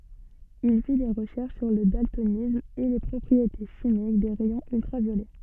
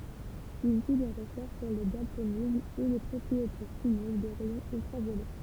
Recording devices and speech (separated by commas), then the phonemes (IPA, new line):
soft in-ear microphone, temple vibration pickup, read sentence
il fi de ʁəʃɛʁʃ syʁ lə daltonism e le pʁɔpʁiete ʃimik de ʁɛjɔ̃z yltʁavjolɛ